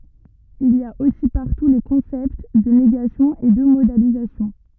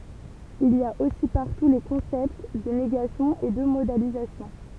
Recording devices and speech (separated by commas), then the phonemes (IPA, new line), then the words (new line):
rigid in-ear microphone, temple vibration pickup, read sentence
il i a osi paʁtu le kɔ̃sɛpt də neɡasjɔ̃ e də modalizasjɔ̃
Il y a aussi partout les concepts de négation et de modalisation.